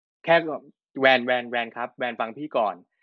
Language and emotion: Thai, frustrated